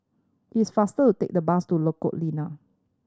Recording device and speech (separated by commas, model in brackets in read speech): standing microphone (AKG C214), read sentence